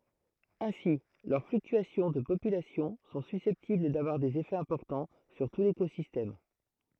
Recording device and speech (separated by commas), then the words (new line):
throat microphone, read sentence
Ainsi, leurs fluctuations de population sont susceptibles d'avoir des effets importants sur tout l'écosystème.